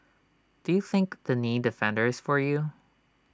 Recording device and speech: standing microphone (AKG C214), read sentence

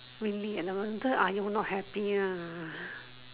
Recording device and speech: telephone, conversation in separate rooms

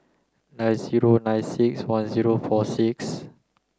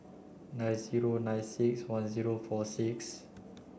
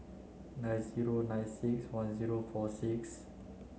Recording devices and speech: close-talking microphone (WH30), boundary microphone (BM630), mobile phone (Samsung C9), read sentence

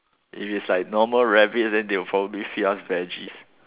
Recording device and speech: telephone, conversation in separate rooms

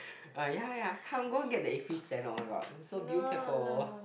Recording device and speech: boundary microphone, conversation in the same room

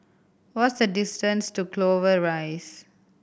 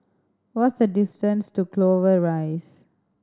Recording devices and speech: boundary microphone (BM630), standing microphone (AKG C214), read sentence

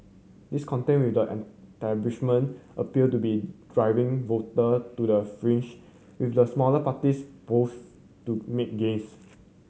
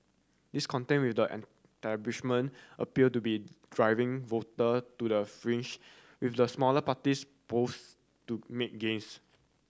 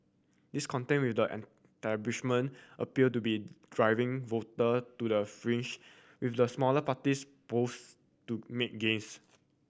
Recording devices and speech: mobile phone (Samsung C7100), standing microphone (AKG C214), boundary microphone (BM630), read sentence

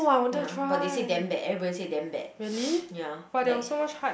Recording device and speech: boundary microphone, conversation in the same room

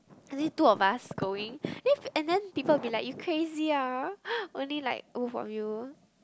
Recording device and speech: close-talking microphone, conversation in the same room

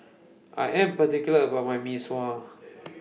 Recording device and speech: mobile phone (iPhone 6), read sentence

